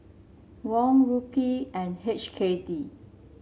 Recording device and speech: mobile phone (Samsung C7), read sentence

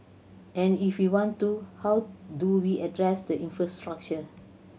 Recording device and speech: mobile phone (Samsung C7100), read sentence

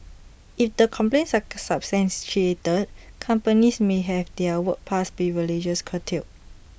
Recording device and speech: boundary microphone (BM630), read sentence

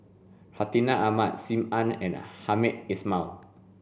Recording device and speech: boundary microphone (BM630), read sentence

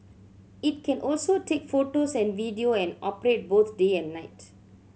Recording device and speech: mobile phone (Samsung C7100), read sentence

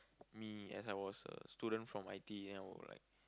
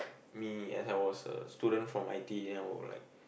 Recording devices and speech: close-talking microphone, boundary microphone, conversation in the same room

